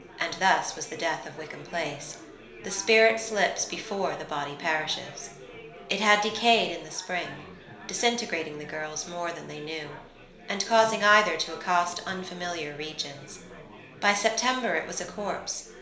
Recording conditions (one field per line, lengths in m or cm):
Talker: one person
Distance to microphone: 1.0 m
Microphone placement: close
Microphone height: 1.1 m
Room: small (3.7 m by 2.7 m)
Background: babble